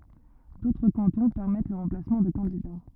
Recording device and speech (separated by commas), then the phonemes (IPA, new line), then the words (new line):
rigid in-ear microphone, read sentence
dotʁ kɑ̃tɔ̃ pɛʁmɛt lə ʁɑ̃plasmɑ̃ də kɑ̃dida
D'autres cantons permettent le remplacement de candidats.